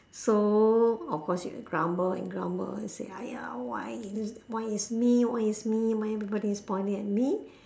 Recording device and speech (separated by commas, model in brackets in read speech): standing microphone, conversation in separate rooms